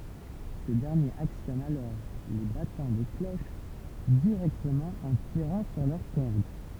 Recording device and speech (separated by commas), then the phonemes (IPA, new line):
temple vibration pickup, read sentence
sə dɛʁnjeʁ aksjɔn alɔʁ le batɑ̃ de kloʃ diʁɛktəmɑ̃ ɑ̃ tiʁɑ̃ syʁ lœʁ kɔʁd